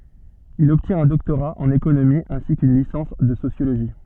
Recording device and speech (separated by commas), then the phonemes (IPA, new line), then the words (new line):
soft in-ear microphone, read sentence
il ɔbtjɛ̃t œ̃ dɔktoʁa ɑ̃n ekonomi ɛ̃si kyn lisɑ̃s də sosjoloʒi
Il obtient un doctorat en économie ainsi qu'une licence de sociologie.